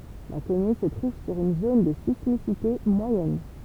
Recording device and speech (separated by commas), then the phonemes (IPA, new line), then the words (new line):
temple vibration pickup, read sentence
la kɔmyn sə tʁuv syʁ yn zon də sismisite mwajɛn
La commune se trouve sur une zone de sismicité moyenne.